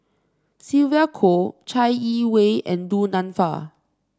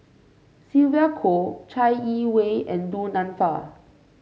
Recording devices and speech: standing microphone (AKG C214), mobile phone (Samsung C5), read sentence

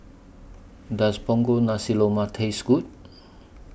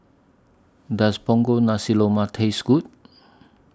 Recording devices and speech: boundary microphone (BM630), standing microphone (AKG C214), read sentence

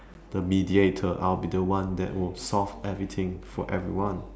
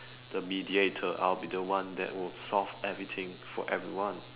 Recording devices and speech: standing microphone, telephone, conversation in separate rooms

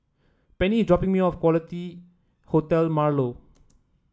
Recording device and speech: standing microphone (AKG C214), read sentence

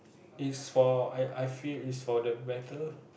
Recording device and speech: boundary microphone, conversation in the same room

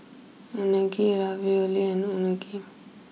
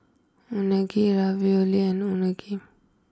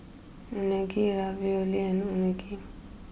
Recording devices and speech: mobile phone (iPhone 6), close-talking microphone (WH20), boundary microphone (BM630), read sentence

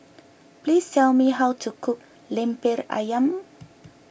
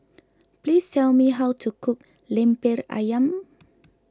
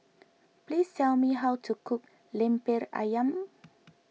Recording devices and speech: boundary microphone (BM630), close-talking microphone (WH20), mobile phone (iPhone 6), read sentence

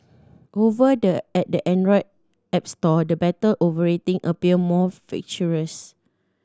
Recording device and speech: standing microphone (AKG C214), read sentence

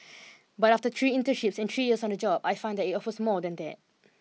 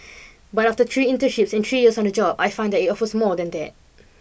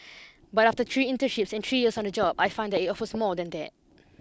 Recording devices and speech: mobile phone (iPhone 6), boundary microphone (BM630), close-talking microphone (WH20), read sentence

